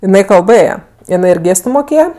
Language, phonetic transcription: Lithuanian, iˈnai kalˈbɘje iˈnai ir ˈgėstu moˈkėja

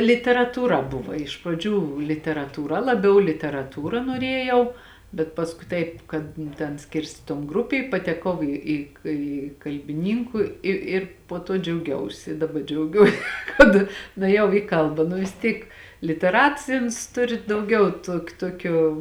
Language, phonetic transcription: Lithuanian, literatūˈra ˈbuva iš praˈdžių literatūˈra laˈbiau literaˈtūra noˈrėjau bet pasˈkui ˈtaip kad nu ˈten ˈskirstė ton ˈgrupė i pateˈkau ˈį į ki kalbiˈnynku ˈi ir po ˈto džiauˈgiausi daˈba džiauˈgiuo kad nuėˈjau į ˈkalba nu vis ˈtyk liteˈrats ˈi uns ˈturi dauˈgiau ˈtuok ˈtuokio

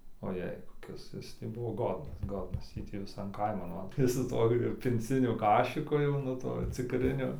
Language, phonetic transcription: Lithuanian, oˈjai koˈkis ˈjis tai ˈbuvo ˈgodnas ˈgodnas ˈjį tį viˈsan ˈkaiman ˈva ˈjis su ˈtuo ir pinˈciniu ˈkašiku jau nu ˈtuo cikˈriniu

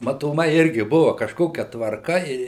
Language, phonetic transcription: Lithuanian, matoˈmai ˈirgi ˈbuva kažˈkokia tvarˈka i

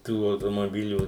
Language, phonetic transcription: Lithuanian, ˈtų automoˈbilių

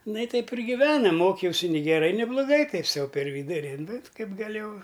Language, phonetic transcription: Lithuanian, ˈna i ˈteip ir giˈvenam ˈmokiausi ni geˈrai ni bloˈgai ˈtaip ˈsau per ˈvyduri nu ˈkaip gaˈlėjau

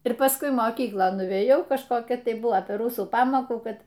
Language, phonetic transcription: Lithuanian, ir pasˈkui moˈkyklon nuvėˈjau kažˈkokia tai ˈbuvo per ˈrusų ˈpamokų ˈkad

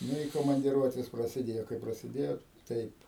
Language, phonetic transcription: Lithuanian, ˈnu i komandˈiruotės prasiˈdėjo kai prasiˈdėjo ˈtaip

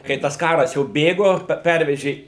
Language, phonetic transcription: Lithuanian, kai ˈtas ˈkaras jau ˈbėgo ˈpervežė

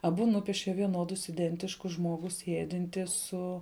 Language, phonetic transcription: Lithuanian, aˈbu ˈnupieše vieˈnodus iˈdentiškus ˈžmogu ˈsiedinti ˈsu

